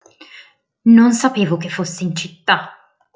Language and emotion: Italian, angry